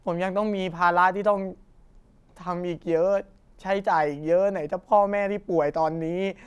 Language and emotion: Thai, frustrated